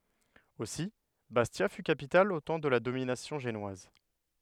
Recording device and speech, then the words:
headset microphone, read sentence
Aussi, Bastia fut capitale au temps de la domination génoise.

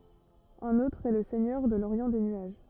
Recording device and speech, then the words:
rigid in-ear microphone, read sentence
Un autre est le Seigneur de l'Orient des nuages.

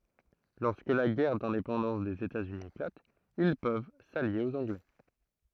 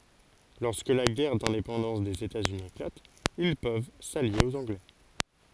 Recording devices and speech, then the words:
throat microphone, forehead accelerometer, read sentence
Lorsque la guerre d'indépendance des États-Unis éclate, ils peuvent s'allier aux Anglais.

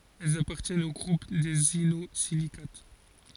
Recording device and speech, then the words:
forehead accelerometer, read sentence
Elles appartiennent au groupe des inosilicates.

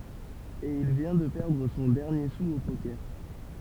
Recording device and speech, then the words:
temple vibration pickup, read sentence
Et il vient de perdre son dernier sou au poker.

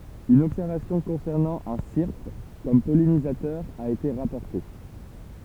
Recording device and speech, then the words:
temple vibration pickup, read sentence
Une observation concernant un syrphe comme pollinisateur a été rapportée.

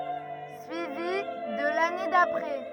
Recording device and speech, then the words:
rigid in-ear microphone, read sentence
Suivi de l'année d'après.

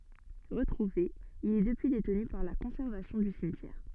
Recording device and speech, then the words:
soft in-ear microphone, read sentence
Retrouvé, il est depuis détenu par la conservation du cimetière.

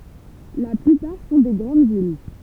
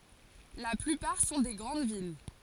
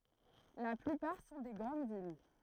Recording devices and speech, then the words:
temple vibration pickup, forehead accelerometer, throat microphone, read sentence
La plupart sont des grandes villes.

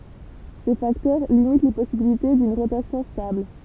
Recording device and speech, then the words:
temple vibration pickup, read sentence
Ces facteurs limitent les possibilités d'une rotation stable.

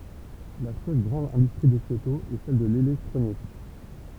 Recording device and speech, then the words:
temple vibration pickup, read sentence
La seule grande industrie de Kyoto est celle de l'électronique.

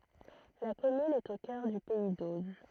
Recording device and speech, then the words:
throat microphone, read sentence
La commune est au cœur du pays d'Auge.

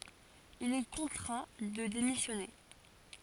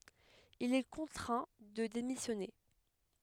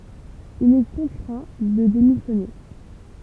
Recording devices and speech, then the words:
forehead accelerometer, headset microphone, temple vibration pickup, read sentence
Il est contraint de démissionner.

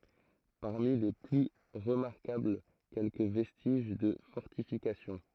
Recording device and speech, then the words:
throat microphone, read sentence
Parmi les plus remarquables, quelques vestiges de fortifications.

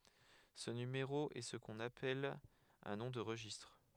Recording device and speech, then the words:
headset microphone, read sentence
Ce numéro est ce qu'on appelle un nom de registre.

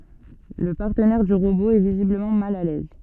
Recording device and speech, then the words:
soft in-ear microphone, read sentence
Le partenaire du robot est visiblement mal à l'aise...

